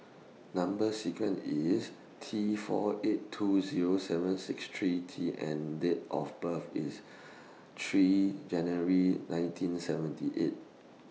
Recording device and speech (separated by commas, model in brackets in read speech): mobile phone (iPhone 6), read sentence